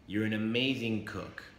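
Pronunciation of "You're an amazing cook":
'You're an amazing cook' is said as a plain statement of fact. The voice starts high and falls.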